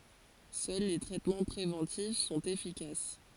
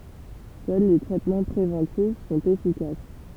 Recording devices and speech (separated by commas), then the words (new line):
forehead accelerometer, temple vibration pickup, read sentence
Seuls les traitements préventifs sont efficaces.